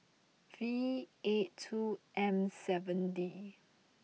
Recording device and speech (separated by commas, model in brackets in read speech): mobile phone (iPhone 6), read sentence